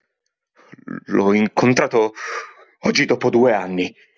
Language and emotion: Italian, fearful